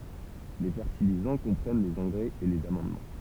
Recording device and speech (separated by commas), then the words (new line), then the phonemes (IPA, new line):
temple vibration pickup, read sentence
Les fertilisants comprennent les engrais et les amendements.
le fɛʁtilizɑ̃ kɔ̃pʁɛn lez ɑ̃ɡʁɛz e lez amɑ̃dmɑ̃